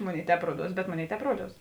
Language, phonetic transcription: Lithuanian, ˈmoˌnėi ˈtēp ˈruoˌduos bet ˈmoˌnėi ˈtēp ˈruoˌduos

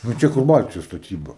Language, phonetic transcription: Lithuanian, nu ˈčia kur ˈbaltijos staˈtyba

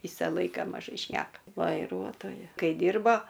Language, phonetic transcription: Lithuanian, ˈvysa ˈlaika maˈžai ˈšneka vaiˈruotoja ˈkai ˈdyrbo

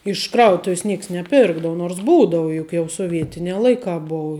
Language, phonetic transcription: Lithuanian, iš ˈkrautuv's ˈnieks neˈpirkdavu nors ˈbūdava ˈjuk jau soˈvietinē ˈlaikā ˈbuu

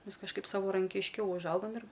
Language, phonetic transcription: Lithuanian, ˈmes kažˈkaip savarankišˈkiau užˈaugam ir

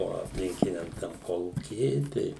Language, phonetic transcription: Lithuanian, o apˈlinkiniam tam ˈkolūky ˈir ˈtei

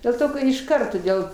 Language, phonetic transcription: Lithuanian, dėl ˈto ka išˈkart toˈdėl

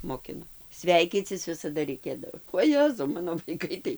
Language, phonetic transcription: Lithuanian, moˈkino ˈsveikycis ˈvisada reiˈkėdavo oˈjezau ˈmano vaiˈkai tai

